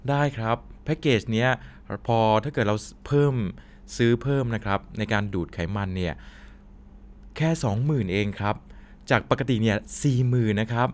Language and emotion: Thai, neutral